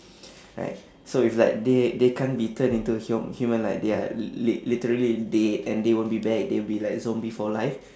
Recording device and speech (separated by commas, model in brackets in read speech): standing microphone, conversation in separate rooms